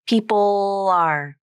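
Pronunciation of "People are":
In 'people are', the dark L at the end of 'people' is said in both parts: first the dark part, then a light L that links 'people' to 'are'.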